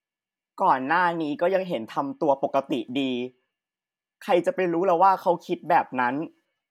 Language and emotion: Thai, sad